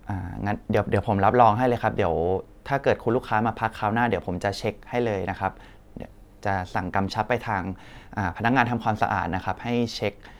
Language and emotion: Thai, neutral